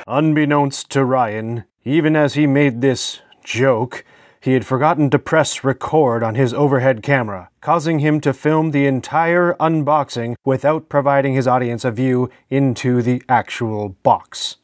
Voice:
serious documentary voiceover